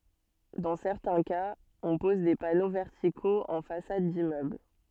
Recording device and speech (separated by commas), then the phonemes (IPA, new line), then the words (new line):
soft in-ear microphone, read sentence
dɑ̃ sɛʁtɛ̃ kaz ɔ̃ pɔz de pano vɛʁtikoz ɑ̃ fasad dimmøbl
Dans certains cas, on pose des panneaux verticaux en façade d'immeuble.